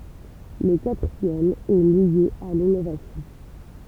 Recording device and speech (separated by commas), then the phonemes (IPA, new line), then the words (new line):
temple vibration pickup, read sentence
lə katʁiɛm ɛ lje a linovasjɔ̃
Le quatrième est lié à l’innovation.